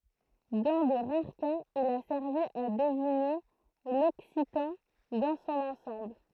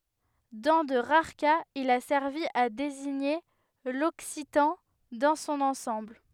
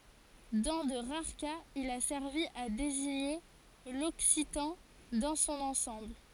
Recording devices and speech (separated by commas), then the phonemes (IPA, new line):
throat microphone, headset microphone, forehead accelerometer, read sentence
dɑ̃ də ʁaʁ kaz il a sɛʁvi a deziɲe lɔksitɑ̃ dɑ̃ sɔ̃n ɑ̃sɑ̃bl